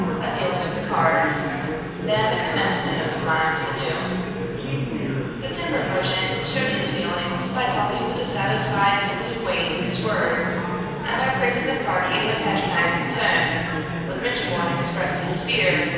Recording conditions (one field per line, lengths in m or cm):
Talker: one person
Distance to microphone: 7.1 m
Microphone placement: far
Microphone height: 1.7 m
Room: very reverberant, large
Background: babble